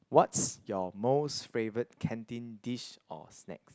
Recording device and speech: close-talking microphone, conversation in the same room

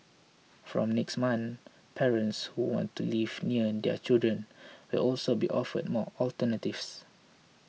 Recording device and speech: mobile phone (iPhone 6), read sentence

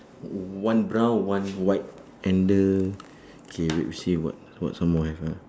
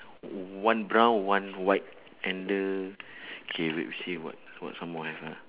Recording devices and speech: standing microphone, telephone, conversation in separate rooms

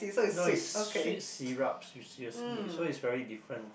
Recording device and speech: boundary microphone, conversation in the same room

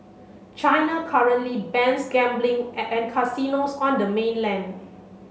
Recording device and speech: mobile phone (Samsung C7), read sentence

